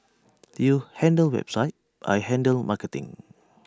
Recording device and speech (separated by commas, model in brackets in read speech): standing microphone (AKG C214), read sentence